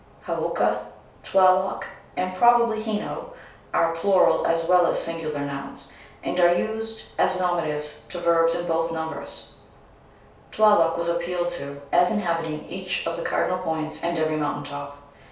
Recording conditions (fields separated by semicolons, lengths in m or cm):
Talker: one person; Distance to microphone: 3.0 m; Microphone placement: far; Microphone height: 1.8 m; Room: small (3.7 m by 2.7 m); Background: none